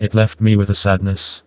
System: TTS, vocoder